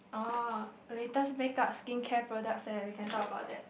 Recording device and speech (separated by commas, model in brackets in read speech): boundary microphone, conversation in the same room